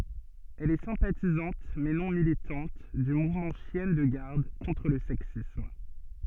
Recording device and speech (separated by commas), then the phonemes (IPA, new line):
soft in-ear microphone, read sentence
ɛl ɛ sɛ̃patizɑ̃t mɛ nɔ̃ militɑ̃t dy muvmɑ̃ ʃjɛn də ɡaʁd kɔ̃tʁ lə sɛksism